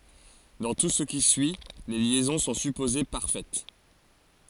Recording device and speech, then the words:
forehead accelerometer, read sentence
Dans tout ce qui suit, les liaisons sont supposées parfaites.

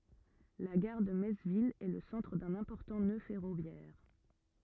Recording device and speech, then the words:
rigid in-ear microphone, read sentence
La gare de Metz-Ville est le centre d'un important nœud ferroviaire.

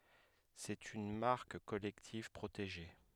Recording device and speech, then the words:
headset microphone, read sentence
C'est une marque collective, protégée.

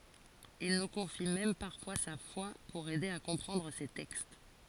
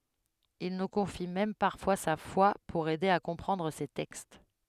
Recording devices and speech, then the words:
forehead accelerometer, headset microphone, read sentence
Il nous confie même parfois sa foi pour aider à comprendre ses textes.

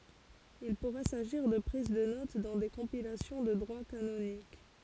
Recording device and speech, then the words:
forehead accelerometer, read sentence
Il pourrait s'agir de prises de notes dans des compilations de droit canonique.

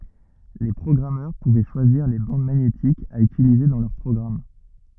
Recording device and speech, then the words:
rigid in-ear microphone, read sentence
Les programmeurs pouvaient choisir les bandes magnétiques à utiliser dans leurs programmes.

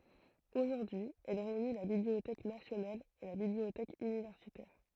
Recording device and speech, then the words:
throat microphone, read sentence
Aujourd'hui, elle réunit la bibliothèque nationale et la bibliothèque universitaire.

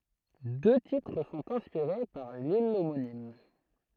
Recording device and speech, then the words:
throat microphone, read sentence
Deux titres sont inspirés par l'île homonyme.

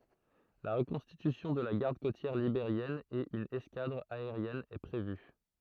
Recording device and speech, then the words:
throat microphone, read sentence
La reconstitution de la Garde côtière libérienne et une escadre aérienne est prévue.

